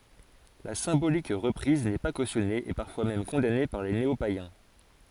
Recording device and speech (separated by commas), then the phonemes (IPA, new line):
forehead accelerometer, read sentence
la sɛ̃bolik ʁəpʁiz nɛ pa kosjɔne e paʁfwa mɛm kɔ̃dane paʁ de neopajɛ̃